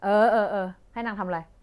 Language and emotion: Thai, frustrated